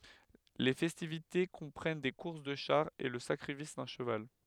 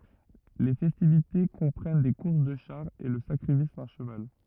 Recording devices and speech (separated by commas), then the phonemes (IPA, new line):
headset microphone, rigid in-ear microphone, read sentence
le fɛstivite kɔ̃pʁɛn de kuʁs də ʃaʁz e lə sakʁifis dœ̃ ʃəval